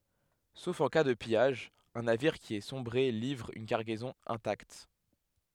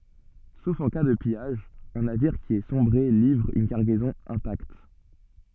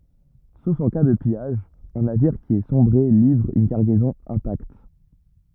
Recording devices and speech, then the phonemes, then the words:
headset microphone, soft in-ear microphone, rigid in-ear microphone, read sentence
sof ɑ̃ ka də pijaʒ œ̃ naviʁ ki a sɔ̃bʁe livʁ yn kaʁɡɛzɔ̃ ɛ̃takt
Sauf en cas de pillage, un navire qui a sombré livre une cargaison intacte.

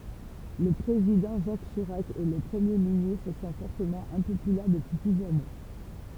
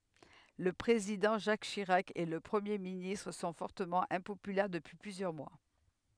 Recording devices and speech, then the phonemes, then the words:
temple vibration pickup, headset microphone, read sentence
lə pʁezidɑ̃ ʒak ʃiʁak e lə pʁəmje ministʁ sɔ̃ fɔʁtəmɑ̃ ɛ̃popylɛʁ dəpyi plyzjœʁ mwa
Le Président Jacques Chirac et le Premier ministre sont fortement impopulaires depuis plusieurs mois.

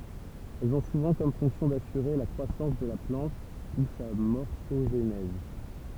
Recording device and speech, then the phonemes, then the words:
temple vibration pickup, read sentence
ɛlz ɔ̃ suvɑ̃ kɔm fɔ̃ksjɔ̃ dasyʁe la kʁwasɑ̃s də la plɑ̃t u sa mɔʁfoʒnɛz
Elles ont souvent comme fonction d'assurer la croissance de la plante ou sa morphogenèse.

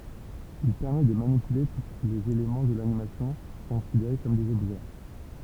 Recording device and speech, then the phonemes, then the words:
temple vibration pickup, read sentence
il pɛʁmɛ də manipyle tu lez elemɑ̃ də lanimasjɔ̃ kɔ̃sideʁe kɔm dez ɔbʒɛ
Il permet de manipuler tous les éléments de l'animation, considérés comme des objets.

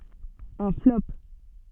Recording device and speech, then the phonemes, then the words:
soft in-ear microphone, read sentence
œ̃ flɔp
Un flop.

